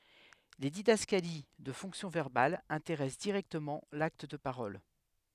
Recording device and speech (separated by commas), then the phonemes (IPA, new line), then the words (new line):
headset microphone, read sentence
le didaskali də fɔ̃ksjɔ̃ vɛʁbal ɛ̃teʁɛs diʁɛktəmɑ̃ lakt də paʁɔl
Les didascalies de fonction verbale intéressent directement l'acte de parole.